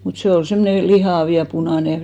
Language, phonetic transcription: Finnish, mut 'sè ol 'semmone "lihàv ja 'punàne .
- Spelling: mutta se oli semmoinen lihava ja punainen

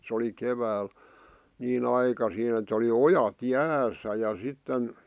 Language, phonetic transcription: Finnish, 'sᵉ oli "kevääl , niin 'aikasiin ‿et ‿oli "ojat "jääs̀ä ja 'sitten .,
- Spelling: se oli keväällä niin aikaisin että oli ojat jäässä ja sitten

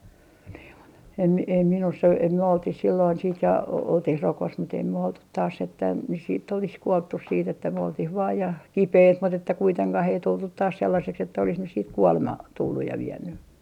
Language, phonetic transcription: Finnish, niim mut ‿em , em ei minuss ‿o , ei myö oltih silloin siit ja , oltih "rokos mut ‿ei myö oltut 'taas että nys siitt ‿olis 'kuolttus siitt ‿että myö oltih vaa ja , "kipeit mut ‿että kuiteŋkah ei 'tultut taas sellaseks että olis nys siit "kuolema , 'tulluj ja 'vienny .
- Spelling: niin mutta en en ei minussa ole ei me oltiin silloin sitten ja oltiin rokossa mutta ei me oltu taas että nyt sitten olisi kuoltu sitten että me oltiin vain ja kipeitä mutta että kuitenkaan ei tultu taas sellaiseksi että olisi nyt sitten kuolema tullut ja vienyt

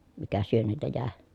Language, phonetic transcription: Finnish, mikä syönniltä jä̀e .
- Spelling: mikä syönniltä jäi

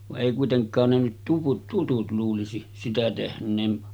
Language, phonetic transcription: Finnish, vaˀ 'ˀèi kuiteŋk̀aan ne nyt tuvut 'tutut luulisi , 'sitä 'tehn̆neen .
- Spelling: vaan ei kuitenkaan ne nyt tuvut tutut luulisi sitä tehneen

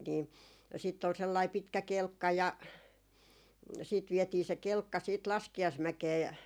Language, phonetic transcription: Finnish, ni , siitt ‿ol 'sellai 'pitkä "kelkka ja , siit 'viɛtii se "kelkka siit "laski(aismäkee ,.
- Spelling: niin sitten oli sellainen pitkä kelkka ja sitten vietiin se kelkka sitten laskiaismäkeen

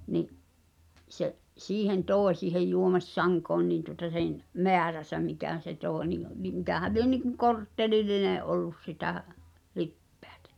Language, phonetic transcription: Finnish, ni’ , se’ , "siihen 'tòe siihej 'juomi̬s"saŋkoon niin tuŏta sen , "meäräsä mikä̀n̬ se 'tòe nin̆ ni mikähäl̆ 'lie niŋkuŋ 'korttelil"line’ ’ollus sitä , 'lippᴇᴀ̈tᴀ̈ .
- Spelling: niin se siihen toi siihen juomissankoon niin tuota sen määränsä mikä se toi niin niin mikähän lie niin kuin korttelillinen ollut sitä lipeätä

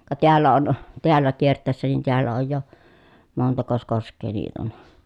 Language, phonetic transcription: Finnish, ka teällä on , teällä kiert̆tä̀i̮ssä nin teällä oj jo , montakos kosk̆kee niit ‿on ?
- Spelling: ka täällä on täällä kiertäessä niin täällä on jo montakos koskea niitä on

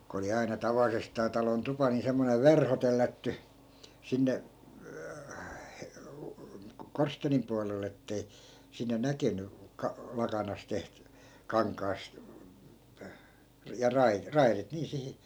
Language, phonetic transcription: Finnish, ko oli aina 'tavalisestaa talon 'tupa ni 'semmonev̆ "verho tellätty , 'sinne , 'korsteenim pualel̆'l ‿ettei , sinne 'näkeny , ka- , 'lakanas teht- , "kaŋk̆kaasᵗ , ja 'rai- , "rairit nii 'sihi ,.
- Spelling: kun oli aina tavallisestaan talon tupa niin semmoinen verho tellätty sinne korsteenin puolelle että ei sinne nähnyt - lakanasta - kankaasta ja - raidit niin siihen

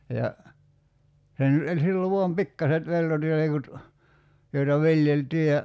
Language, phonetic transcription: Finnish, ja , 'sen , e- 'sill ‿o voam "pikkaset 'peltotilekut , joita 'viljeltii ja ,.
- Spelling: ja sen - sillä on vain pikkuiset peltotilkut joita viljeltiin ja

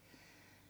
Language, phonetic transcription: Finnish, ni 'se jäi nys 'sitte , että ja 'olhaa se nyv̆ "viäläkii , 'tuaraa 'koivui ja 'semmossii sisää .
- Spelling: niin se jäi nyt sitten että ja olihan se nyt vieläkin tuodaan koivuja ja semmoisia sisään

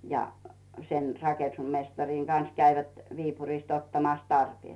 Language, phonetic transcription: Finnish, ja , sen 'rake(nu)smestariŋ Gans käivät Viipurist ottamàs 'tarpièt .
- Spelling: ja sen rakennusmestarin kanssa kävivät Viipurista ottamassa tarpeet

